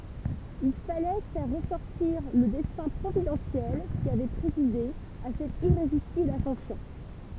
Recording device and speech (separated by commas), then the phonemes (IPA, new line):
temple vibration pickup, read sentence
il falɛ fɛʁ ʁəsɔʁtiʁ lə dɛsɛ̃ pʁovidɑ̃sjɛl ki avɛ pʁezide a sɛt iʁezistibl asɑ̃sjɔ̃